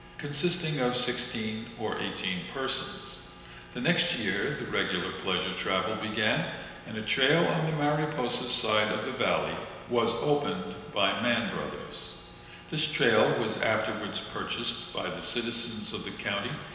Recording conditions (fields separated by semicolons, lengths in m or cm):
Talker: one person; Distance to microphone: 1.7 m; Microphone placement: close; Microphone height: 1.0 m; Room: very reverberant, large; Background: none